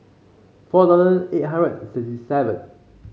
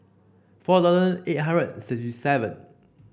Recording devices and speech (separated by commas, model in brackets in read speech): mobile phone (Samsung C5), boundary microphone (BM630), read sentence